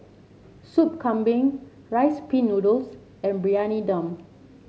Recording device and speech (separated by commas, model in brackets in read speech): mobile phone (Samsung C7), read sentence